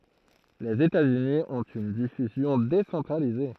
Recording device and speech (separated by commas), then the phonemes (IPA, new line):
throat microphone, read sentence
lez etatsyni ɔ̃t yn difyzjɔ̃ desɑ̃tʁalize